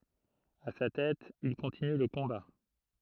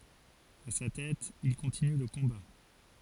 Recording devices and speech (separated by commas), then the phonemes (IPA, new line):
throat microphone, forehead accelerometer, read sentence
a sa tɛt il kɔ̃tiny lə kɔ̃ba